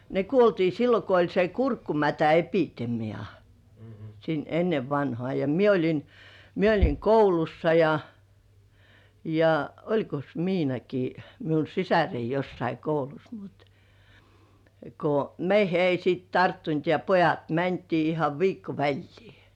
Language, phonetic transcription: Finnish, ne 'kuoltii "sillo ko oĺ se "kurkkumätä₍"epitemi₍a , sin "ennev vanhŏà ja "mie oĺin , 'mie oĺiŋ "koulussa ja , ja "oĺkos "Miinaki miun̬ 'sisärei jossai 'koulus mut , ko 'meihe ei siit "tarttunt ja "pojat 'mäntii ihav 'viikko 'väĺlii .
- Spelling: ne kuoltiin silloin kun oli se kurkkumätäepidemia silloin ennen vanhaan ja minä olin minä olin koulussa ja ja olikos Miinakin minun sisareni jossakin koulussa mutta kun meihin ei sitten tarttunut ja pojat mentiin ihan viikko väliä

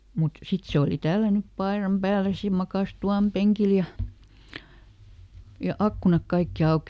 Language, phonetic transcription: Finnish, mut ˈsit "se oli ˈtällänyp ˈpaeram ˈpääles ja ˈmakàs "tu₍àm ˈpeŋkil ja , ja "akkunak ˈkaikki "auki .
- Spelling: mutta sitten se oli tällännyt paidan päälle ja makasi tuvan penkillä ja ja ikkunat kaikki auki

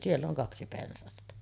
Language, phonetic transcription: Finnish, sill ‿oŋ 'kaksi pensasta .
- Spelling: sillä on kaksi pensasta

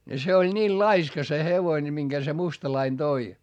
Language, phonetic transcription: Finnish, ne se oĺ ńiil laiska se hevoine miŋGä se mustalain Doi .
- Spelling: ne se oli niillä laiska se hevonen minkä se mustalainen toi

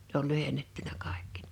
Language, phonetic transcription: Finnish, Ne ‿ol 'lyhennettynä kàekki .
- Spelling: ne oli lyhennettynä kaikki

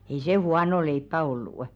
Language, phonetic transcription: Finnish, ei 'se "huano 'leippä 'ollù' .
- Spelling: ei se huonoa leipää ollut

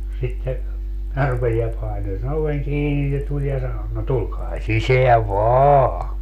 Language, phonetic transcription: Finnish, sitte , minä 'rupesi ja 'paino se'n ‿oveŋ "kiini - se 'tuĺ ja sano , » no 'tulkaa "siseäv "vaaa !
- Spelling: sitten minä rupesin ja painoin sen oven kiinni se tuli ja sanoi no tulkaa sisään vain

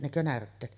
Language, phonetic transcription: Finnish, nekö 'närtteet .
- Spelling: nekö närtteet

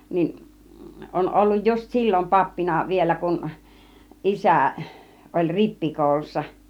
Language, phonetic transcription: Finnish, 'nin , 'on olluj just "sil͕l͕om 'pappina 'vielä kun , "ˀisä̀ , oĺ 'rippikòulussa .
- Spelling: niin on ollut just silloin pappina vielä kun isä oli rippikoulussa

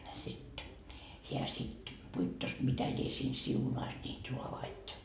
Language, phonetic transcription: Finnish, sit , heä sit , 'puittos mitä ĺie siin "siunais ńiit 'ruavait .
- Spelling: sitten hän sitten puittos mitä lie siinä siunasi niitä raavaita

